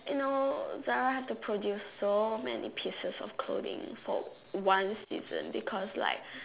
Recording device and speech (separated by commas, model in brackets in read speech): telephone, conversation in separate rooms